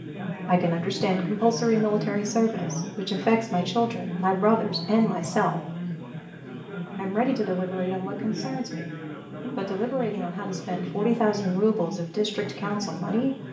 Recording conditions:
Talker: one person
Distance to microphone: 1.8 m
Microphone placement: close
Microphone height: 1.0 m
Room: large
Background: babble

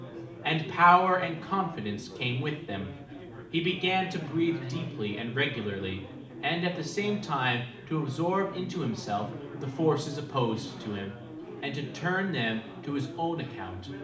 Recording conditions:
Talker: one person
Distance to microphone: 2.0 m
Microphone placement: close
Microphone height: 99 cm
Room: medium-sized (5.7 m by 4.0 m)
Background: babble

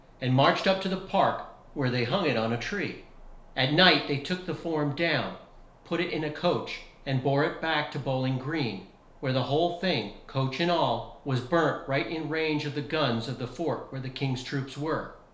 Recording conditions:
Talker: one person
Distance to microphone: 1.0 m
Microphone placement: close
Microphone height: 1.1 m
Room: small (3.7 m by 2.7 m)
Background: none

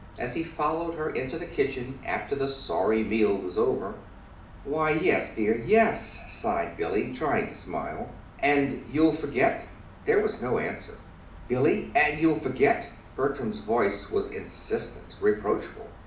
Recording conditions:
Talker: one person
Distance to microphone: 2.0 m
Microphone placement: close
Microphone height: 99 cm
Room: medium-sized (5.7 m by 4.0 m)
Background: none

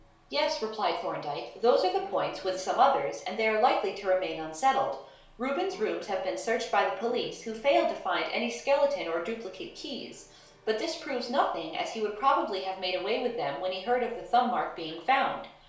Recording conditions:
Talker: one person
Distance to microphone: 1.0 m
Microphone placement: close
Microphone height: 1.1 m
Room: small (3.7 m by 2.7 m)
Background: television

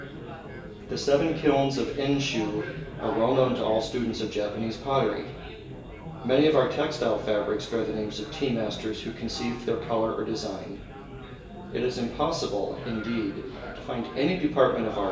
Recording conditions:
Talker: one person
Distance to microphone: 1.8 m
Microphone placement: close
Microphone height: 1.0 m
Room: large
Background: babble

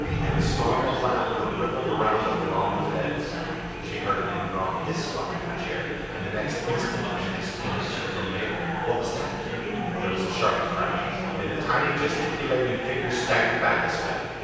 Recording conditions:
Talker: one person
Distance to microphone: 7.1 m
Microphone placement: far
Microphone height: 1.7 m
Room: very reverberant, large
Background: babble

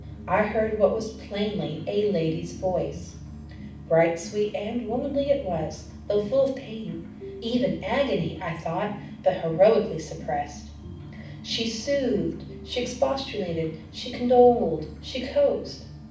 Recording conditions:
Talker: one person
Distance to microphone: 5.8 m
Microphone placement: far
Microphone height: 1.8 m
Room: medium-sized (5.7 m by 4.0 m)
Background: music

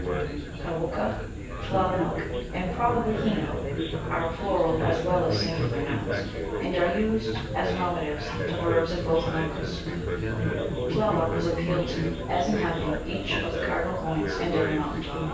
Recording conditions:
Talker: one person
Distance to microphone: 9.8 m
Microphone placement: far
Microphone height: 1.8 m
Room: large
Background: babble

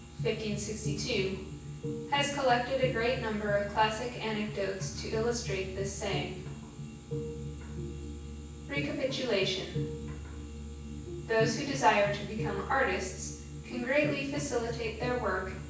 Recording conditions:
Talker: one person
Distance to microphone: 9.8 m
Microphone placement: far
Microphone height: 1.8 m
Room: large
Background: music

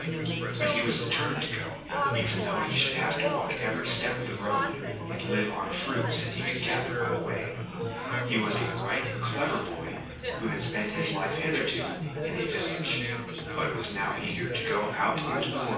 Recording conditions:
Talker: one person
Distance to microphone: 9.8 m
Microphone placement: far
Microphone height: 1.8 m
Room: large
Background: babble

